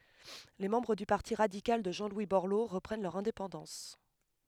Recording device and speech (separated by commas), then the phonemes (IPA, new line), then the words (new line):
headset microphone, read sentence
le mɑ̃bʁ dy paʁti ʁadikal də ʒɑ̃ lwi bɔʁlo ʁəpʁɛn lœʁ ɛ̃depɑ̃dɑ̃s
Les membres du Parti radical de Jean-Louis Borloo reprennent leur indépendance.